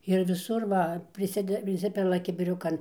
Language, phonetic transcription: Lithuanian, ir viˈsur ˈva priˈside priˈsipila kibiˈriukan

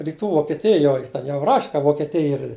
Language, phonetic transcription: Lithuanian, ryˈtų vokeˈtijoj ˈten jau raš' ka vokeˈtij ir

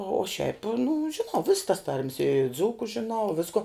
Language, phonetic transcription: Lithuanian, o šiaip nu žiˈnau viss tas tarm's i ˈdzūku žiˈnau ˈvisku

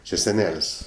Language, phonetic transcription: Lithuanian, či seˈnel's'

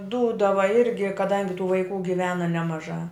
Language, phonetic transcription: Lithuanian, ˈdūdava ˈirgi kaˈdangi tų vaiˈkų giˈvena nemaˈžā

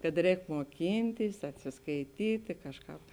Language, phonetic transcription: Lithuanian, kad ˈrēk muoˈkyntis atsiskaiˈtyti ˈkažˌkāp

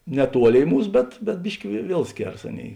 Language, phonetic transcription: Lithuanian, neˈtuoˌlėi ˈmūs bet bet ˈbiški vie ˈviel ˈskėras ˈaˌnėi

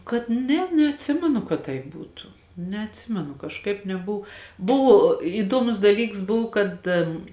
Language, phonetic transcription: Lithuanian, kad ˈne neatˈsimenu kad ˈtaip ˈbūtu neatˈsimenu kažˈkaip neˈbuv ˈbuvo įˈduomus daˈlyks ˈbuv kad

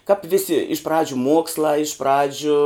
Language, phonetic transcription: Lithuanian, kap viˈsi iš ˈpradžiu ˈmuokslā iš ˈpradžiu

